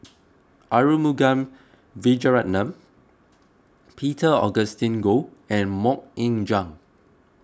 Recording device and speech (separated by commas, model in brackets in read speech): close-talking microphone (WH20), read sentence